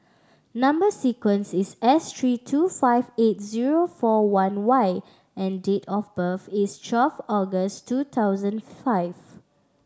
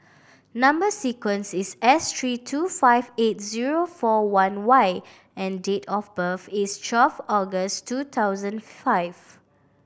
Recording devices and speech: standing microphone (AKG C214), boundary microphone (BM630), read sentence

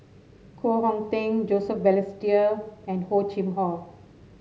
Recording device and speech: mobile phone (Samsung S8), read sentence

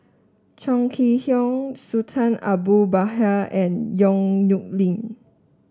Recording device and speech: standing microphone (AKG C214), read sentence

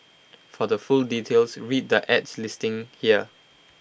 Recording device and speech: boundary microphone (BM630), read sentence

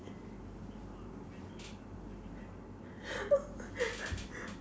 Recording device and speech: standing microphone, conversation in separate rooms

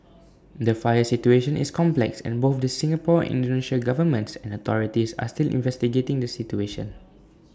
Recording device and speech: standing microphone (AKG C214), read sentence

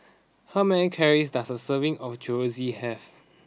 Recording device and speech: standing microphone (AKG C214), read sentence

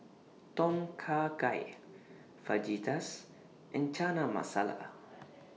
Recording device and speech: mobile phone (iPhone 6), read sentence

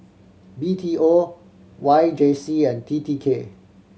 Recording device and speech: mobile phone (Samsung C7100), read sentence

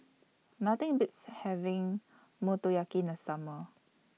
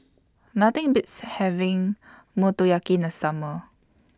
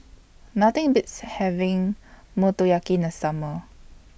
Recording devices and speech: mobile phone (iPhone 6), standing microphone (AKG C214), boundary microphone (BM630), read sentence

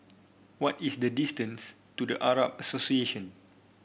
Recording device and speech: boundary microphone (BM630), read sentence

